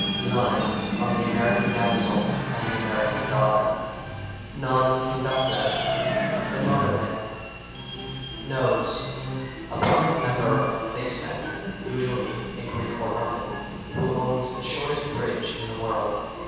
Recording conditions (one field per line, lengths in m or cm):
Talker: one person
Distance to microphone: 7.1 m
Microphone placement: far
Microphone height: 1.7 m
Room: very reverberant, large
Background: television